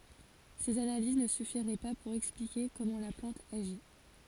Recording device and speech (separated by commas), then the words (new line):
forehead accelerometer, read sentence
Ces analyses ne suffiraient pas pour expliquer comment la plante agit.